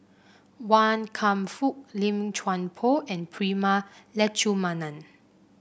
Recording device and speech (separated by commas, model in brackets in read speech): boundary microphone (BM630), read sentence